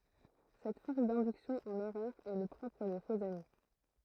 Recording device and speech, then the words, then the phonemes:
throat microphone, read sentence
Cette force d'induction en erreur est le propre des faux-amis.
sɛt fɔʁs dɛ̃dyksjɔ̃ ɑ̃n ɛʁœʁ ɛ lə pʁɔpʁ de foksami

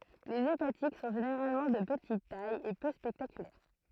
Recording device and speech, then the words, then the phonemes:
throat microphone, read sentence
Les hépatiques sont généralement de petite taille et peu spectaculaires.
lez epatik sɔ̃ ʒeneʁalmɑ̃ də pətit taj e pø spɛktakylɛʁ

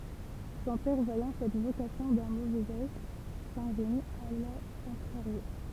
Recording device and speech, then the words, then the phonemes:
temple vibration pickup, read sentence
Son père voyant cette vocation d'un mauvais œil, s'ingénie à la contrarier.
sɔ̃ pɛʁ vwajɑ̃ sɛt vokasjɔ̃ dœ̃ movɛz œj sɛ̃ʒeni a la kɔ̃tʁaʁje

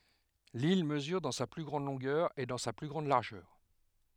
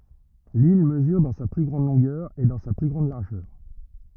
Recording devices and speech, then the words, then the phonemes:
headset microphone, rigid in-ear microphone, read sentence
L'île mesure dans sa plus grande longueur et dans sa plus grande largeur.
lil məzyʁ dɑ̃ sa ply ɡʁɑ̃d lɔ̃ɡœʁ e dɑ̃ sa ply ɡʁɑ̃d laʁʒœʁ

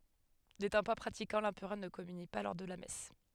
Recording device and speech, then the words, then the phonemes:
headset microphone, read sentence
N'étant pas pratiquant, l'Empereur ne communie pas lors de la messe.
netɑ̃ pa pʁatikɑ̃ lɑ̃pʁœʁ nə kɔmyni pa lɔʁ də la mɛs

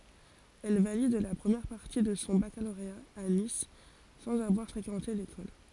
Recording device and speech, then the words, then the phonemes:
forehead accelerometer, read sentence
Elle valide la première partie de son baccalauréat à Nice, sans avoir fréquenté l'école.
ɛl valid la pʁəmjɛʁ paʁti də sɔ̃ bakaloʁea a nis sɑ̃z avwaʁ fʁekɑ̃te lekɔl

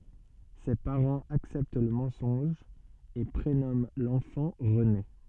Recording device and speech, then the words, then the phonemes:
soft in-ear microphone, read sentence
Ses parents acceptent le mensonge et prénomment l'enfant René.
se paʁɑ̃z aksɛpt lə mɑ̃sɔ̃ʒ e pʁenɔmɑ̃ lɑ̃fɑ̃ ʁəne

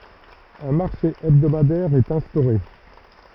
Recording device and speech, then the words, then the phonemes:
rigid in-ear microphone, read sentence
Un marché hebdomadaire est instauré.
œ̃ maʁʃe ɛbdomadɛʁ ɛt ɛ̃stoʁe

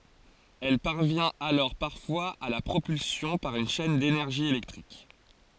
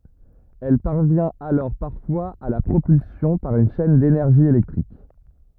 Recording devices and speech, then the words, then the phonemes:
forehead accelerometer, rigid in-ear microphone, read sentence
Elle parvient alors parfois à la propulsion par une chaine d'énergie électrique.
ɛl paʁvjɛ̃t alɔʁ paʁfwaz a la pʁopylsjɔ̃ paʁ yn ʃɛn denɛʁʒi elɛktʁik

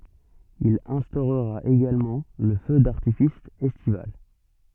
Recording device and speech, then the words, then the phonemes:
soft in-ear microphone, read sentence
Il instaurera également le feu d'artifice estival.
il ɛ̃stoʁʁa eɡalmɑ̃ lə fø daʁtifis ɛstival

